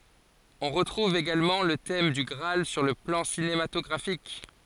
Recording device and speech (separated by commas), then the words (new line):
forehead accelerometer, read sentence
On retrouve également le thème du Graal sur le plan cinématographique.